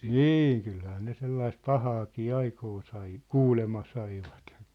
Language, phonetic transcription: Finnish, nîŋ kylhää ne 'sellaist "pahaakii "aikoo sai , "kuulema 'saivat .
- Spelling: niin kyllähän ne sellaista pahaakin aikaan sai kuulemma saivat

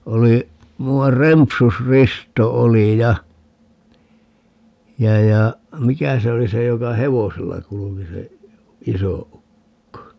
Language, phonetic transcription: Finnish, 'oli , 'mu₍ar 'Rempus"risto 'oli ja , 'ja ja , 'mikä se oli 'se joka "hevosella 'kuluki se , "iso 'ukko ?
- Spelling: oli muuan Rempus-Risto oli ja ja ja mikä se oli se joka hevosella kulki se iso ukko

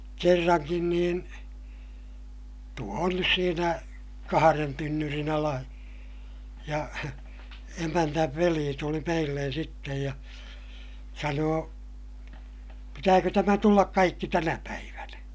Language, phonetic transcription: Finnish, kerraŋkin niin , tuo on nys siinä , kaharen tynnyrin ‿ala , ja , emännäv velii tuli meillen̬ sittej ja , sanoo , » pitääkö tämä tullak kaikki tänäpäivänä » .
- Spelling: kerrankin niin tuo on nyt siinä kahden tynnyrin ala ja emännän veli tuli meille sitten ja sanoi pitääkö tämä tulla kaikki tänä päivänä

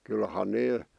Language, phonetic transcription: Finnish, kylhan 'nee ,.
- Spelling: kyllähän ne

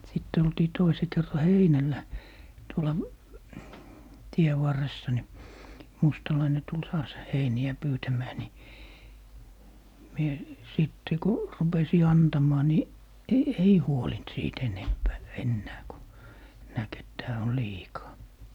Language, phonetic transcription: Finnish, 'sitt ‿oltii 'toise kerra "heinällä , 'tuola , 'tie varressa ni , 'mustalaine tul 'taas , "heini₍ä 'pyytämää ni , 'mie , 'sìtte ku , 'rupesi "antam̀aa ni , "e - "ei 'huolint 'siit 'enempää , 'ennää ku , 'näk et 'tää on "liikaa .
- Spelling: sitten oltiin toisen kerran heinällä tuolla tien varressa niin mustalainen tuli taas heiniä pyytämään niin minä sitten kun rupesin antamaan niin - ei huolinut siitä enempää enää kun näki että tämä on liikaa

